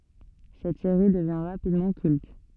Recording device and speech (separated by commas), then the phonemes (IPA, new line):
soft in-ear microphone, read sentence
sɛt seʁi dəvjɛ̃ ʁapidmɑ̃ kylt